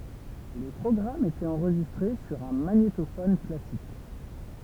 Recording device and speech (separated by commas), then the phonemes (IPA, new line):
temple vibration pickup, read sentence
le pʁɔɡʁamz etɛt ɑ̃ʁʒistʁe syʁ œ̃ maɲetofɔn klasik